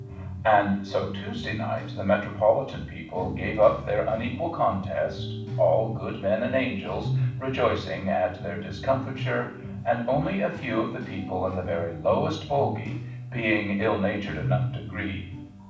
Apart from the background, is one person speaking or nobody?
One person.